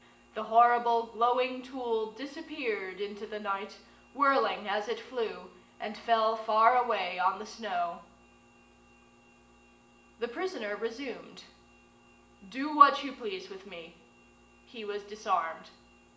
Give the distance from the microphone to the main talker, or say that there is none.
1.8 m.